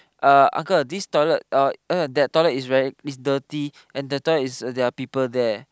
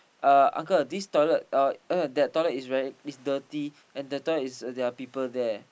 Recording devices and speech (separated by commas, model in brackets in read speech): close-talking microphone, boundary microphone, conversation in the same room